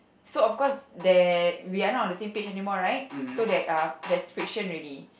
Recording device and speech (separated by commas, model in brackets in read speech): boundary microphone, conversation in the same room